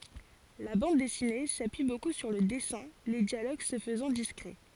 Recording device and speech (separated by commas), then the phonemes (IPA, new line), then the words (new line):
forehead accelerometer, read sentence
la bɑ̃d dɛsine sapyi boku syʁ lə dɛsɛ̃ le djaloɡ sə fəzɑ̃ diskʁɛ
La bande dessinée s'appuie beaucoup sur le dessins, les dialogues se faisant discrets.